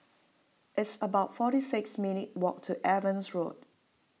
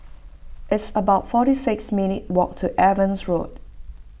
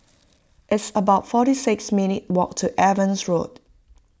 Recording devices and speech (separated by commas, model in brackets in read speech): mobile phone (iPhone 6), boundary microphone (BM630), close-talking microphone (WH20), read sentence